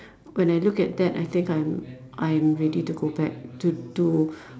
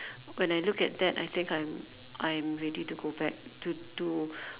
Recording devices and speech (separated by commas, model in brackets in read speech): standing microphone, telephone, conversation in separate rooms